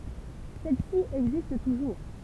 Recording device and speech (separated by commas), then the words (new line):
temple vibration pickup, read sentence
Celle-ci existe toujours.